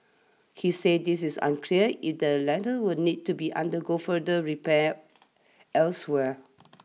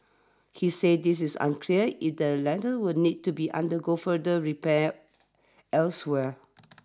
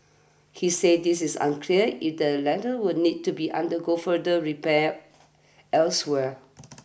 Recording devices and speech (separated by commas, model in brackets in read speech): mobile phone (iPhone 6), standing microphone (AKG C214), boundary microphone (BM630), read sentence